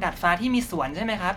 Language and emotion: Thai, neutral